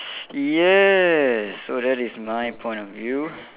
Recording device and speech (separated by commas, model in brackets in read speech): telephone, conversation in separate rooms